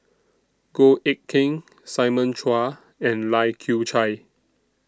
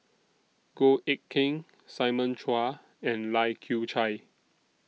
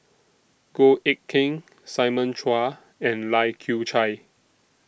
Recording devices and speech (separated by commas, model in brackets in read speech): standing microphone (AKG C214), mobile phone (iPhone 6), boundary microphone (BM630), read sentence